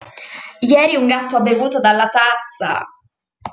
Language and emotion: Italian, angry